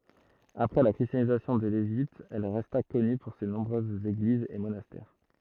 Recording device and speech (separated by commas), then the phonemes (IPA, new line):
throat microphone, read sentence
apʁɛ la kʁistjanizasjɔ̃ də leʒipt ɛl ʁɛsta kɔny puʁ se nɔ̃bʁøzz eɡlizz e monastɛʁ